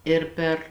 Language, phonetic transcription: Lithuanian, ˈir per

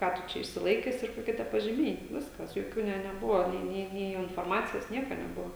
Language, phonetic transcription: Lithuanian, ˈką tu ˈčia išsiˈlaikes ir koˈkie tie pažiˈmiai ˈviskas joˈkių ˈne neˈbuva ˈnė ˈnė nė inforˈmacijos ˈnieka neˈbuva

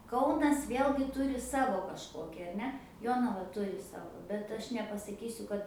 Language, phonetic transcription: Lithuanian, ˈkaunas ˈvėlgi ˈturi ˈsavo kažˈkoki ar ˈne ˈjonava ˈturi ˈsavo bet ˈaš nepasaˈkysiu kad

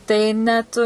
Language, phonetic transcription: Lithuanian, tai ˈnet

